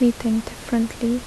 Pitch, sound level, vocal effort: 235 Hz, 73 dB SPL, soft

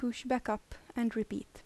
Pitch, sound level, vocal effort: 235 Hz, 77 dB SPL, soft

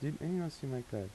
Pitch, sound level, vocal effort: 140 Hz, 81 dB SPL, soft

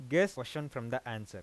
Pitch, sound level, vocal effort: 130 Hz, 92 dB SPL, normal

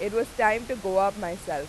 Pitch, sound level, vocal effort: 195 Hz, 94 dB SPL, very loud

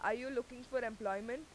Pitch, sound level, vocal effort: 240 Hz, 93 dB SPL, very loud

